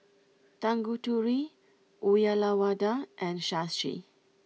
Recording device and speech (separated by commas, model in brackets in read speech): mobile phone (iPhone 6), read sentence